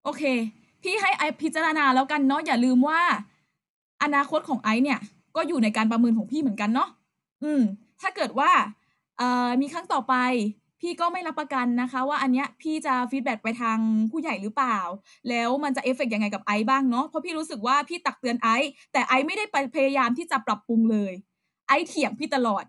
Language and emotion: Thai, frustrated